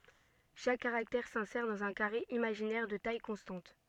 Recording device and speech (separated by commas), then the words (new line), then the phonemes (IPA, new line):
soft in-ear microphone, read sentence
Chaque caractère s'insère dans un carré imaginaire de taille constante.
ʃak kaʁaktɛʁ sɛ̃sɛʁ dɑ̃z œ̃ kaʁe imaʒinɛʁ də taj kɔ̃stɑ̃t